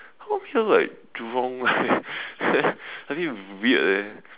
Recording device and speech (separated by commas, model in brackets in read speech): telephone, conversation in separate rooms